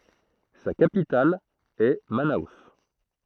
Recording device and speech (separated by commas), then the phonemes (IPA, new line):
throat microphone, read sentence
sa kapital ɛ mano